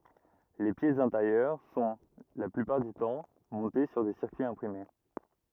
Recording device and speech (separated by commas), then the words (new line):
rigid in-ear microphone, read sentence
Les pièces intérieures sont, la plupart du temps, montées sur des circuits imprimés.